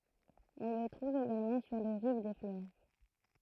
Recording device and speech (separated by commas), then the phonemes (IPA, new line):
throat microphone, read sentence
ɔ̃ lə tʁuv eɡalmɑ̃ syʁ le ʁiv de fløv